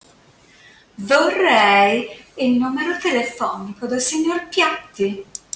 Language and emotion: Italian, disgusted